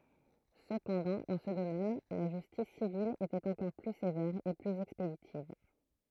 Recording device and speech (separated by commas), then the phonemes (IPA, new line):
throat microphone, read sentence
səpɑ̃dɑ̃ dɑ̃ sə domɛn la ʒystis sivil etɛt ɑ̃kɔʁ ply sevɛʁ e plyz ɛkspeditiv